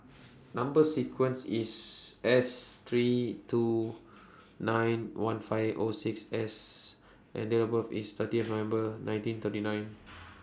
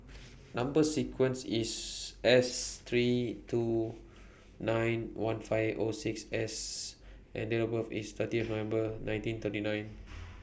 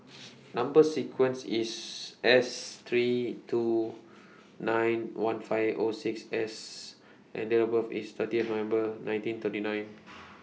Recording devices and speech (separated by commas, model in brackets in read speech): standing microphone (AKG C214), boundary microphone (BM630), mobile phone (iPhone 6), read sentence